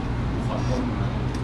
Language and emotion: Thai, sad